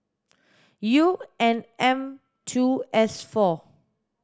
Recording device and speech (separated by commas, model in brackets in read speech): standing microphone (AKG C214), read sentence